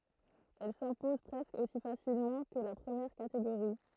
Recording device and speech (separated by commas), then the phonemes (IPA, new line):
throat microphone, read sentence
ɛl sɛ̃pɔz pʁɛskə osi fasilmɑ̃ kə la pʁəmjɛʁ kateɡoʁi